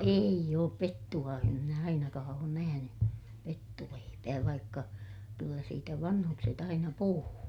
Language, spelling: Finnish, ei ole pettua en minä ainakaan ole nähnyt pettuleipää vaikka kyllä siitä vanhukset aina puhuu
- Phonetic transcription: eij ‿oop pettu₍a em minä ainakaa oon nähäny , pettuleipää vaikka , kyllä siitä vanhukset ‿aina puhuu .

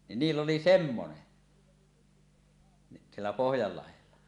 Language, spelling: Finnish, niin niillä oli semmoinen niin siellä Pohjanlahdella
- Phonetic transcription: ni 'niill ‿oli "semmone , ni siellä 'Pohjallahella .

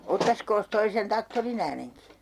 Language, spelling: Finnish, ottaisikos tuo sen traktorin äänenkin
- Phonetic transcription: 'ottaskoos 'toi sen "taktorin ‿ääneŋki ?

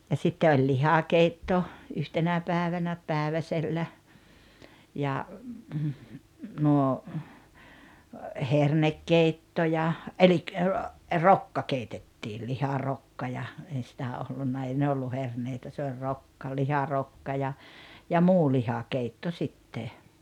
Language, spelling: Finnish, ja sitten oli lihakeitto yhtenä päivänä päiväsellä ja nuo hernekeitto ja eli rokka keitettiin liharokka ja ei sitä ollut ei ne ollut herneitä se oli rokka liharokka ja ja muu lihakeitto sitten
- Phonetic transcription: ja sitte oĺ "lihakeitto , 'yhtenä 'pä̀evänä , 'pä̀eväsellä , ja , nuo , "hernekkeitto ja , elik , "rokka 'keitettii 'liharokka ja , ei sitä 'ollunna 'ei ne ollu 'herneitä se oĺ "rokka 'liharokka ja , ja "muu 'lihakeitto 'sitte .

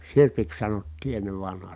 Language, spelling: Finnish, sirpiksi sanottiin ennen vanhaan
- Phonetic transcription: sirpiks sanottii ennev vanhaa .

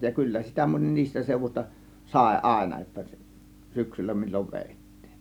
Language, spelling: Finnish, ja kyllä sitä moni niistä seudusta sai aina jotta syksyllä milloin vedettiin
- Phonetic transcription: ja "kyllä sitä 'moń "niistä sèuvuśta 'sàė "ˀàėna jotta , "syksyllä mil͕l͕ov 'vèit̀tIIN .

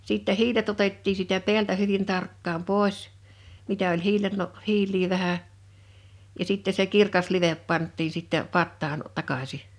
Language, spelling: Finnish, sitten hiilet otettiin siitä päältä hyvin tarkkaan pois mitä oli - hiiliä vähän ja sitten se kirkas live pantiin sitten pataan takaisin
- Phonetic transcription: 'sìttɛ "hiilet 'otettii siitä 'pḙä'ltä hyvin 'tarkkaam 'pòes , 'mitä oĺ "hiilello- , "hiil̆lii vähä , ja sitte se 'kirkas 'livep 'panttiin̬ sitte 'pattaan , 'takasi .

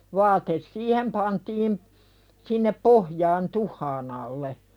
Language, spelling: Finnish, vaate siihen pantiin sinne pohjaan tuhkan alle
- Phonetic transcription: 'vaates "siihem pantiim , sinnep "pohjaan 'tuh̆haan ‿alle .

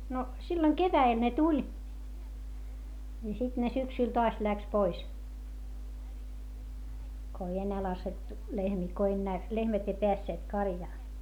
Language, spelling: Finnish, no silloin keväällä ne tuli ja sitten ne syksyllä taas lähti pois kun ei enää laskettu lehmiä kun enää lehmät ei päässeet karjaan
- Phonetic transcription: no silloŋ kevä₍el ne tuĺ , ja sit ne syksyl toas läks pois , ko ei ennää lasettu lehmii , ko ennää , lehmät ei peässeet karjaa .

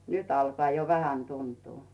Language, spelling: Finnish, nyt alkaa jo vähän tuntua
- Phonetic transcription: 'nyt ‿alkᵒà jo "vähän 'tuntuu .

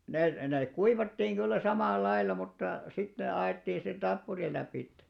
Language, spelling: Finnish, niin ne ne kuivattiin kyllä samalla lailla mutta sitten ne annettiin sen tappurin lävitse
- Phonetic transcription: ni , ne , nèk̆§ 'kuivattiiŋ 'ɢyllä 'samàl'lail̆la mutta , sit ne 'a₍èttii sen 'ᴅappuril̆ läpìtte .

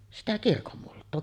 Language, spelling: Finnish, no sitä kirkonmultaa
- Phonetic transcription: no , sitä "kirkommult̆too .

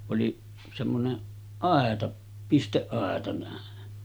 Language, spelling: Finnish, oli semmoinen aita pisteaita näin
- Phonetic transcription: oli semmoneˀ 'ˀàeta , 'pisteˀˀàeta nä̀en .

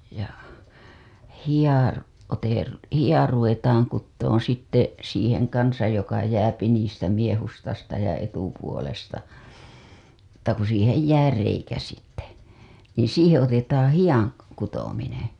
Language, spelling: Finnish, ja hiha - hiha ruvetaan kutomaan sitten siihen kanssa joka jää niistä miehustasta ja etupuolesta mutta kun siihen jää reikä sitten niin siihen otetaan hihan kutominen
- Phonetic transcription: ja , "hija , ote- , 'hija ruvetaaŋ kuttooo̰ sitte , siiheŋ 'kansaj joka jääpi niistä miehustasta ja etupuolesta , mutta ku siihej "jää 'reikä sitte , niiḭ 'siiheḛ otetaaa̰ "hijaŋ , 'kutominen̬ .

